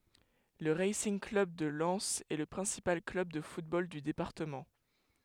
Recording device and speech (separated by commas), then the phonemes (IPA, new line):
headset microphone, read sentence
lə ʁasinɡ klœb də lɛnz ɛ lə pʁɛ̃sipal klœb də futbol dy depaʁtəmɑ̃